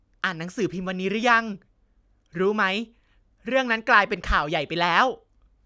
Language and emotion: Thai, happy